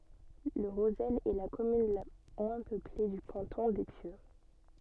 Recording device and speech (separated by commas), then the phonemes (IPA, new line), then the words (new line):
soft in-ear microphone, read sentence
lə ʁozɛl ɛ la kɔmyn la mwɛ̃ pøple dy kɑ̃tɔ̃ de pjø
Le Rozel est la commune la moins peuplée du canton des Pieux.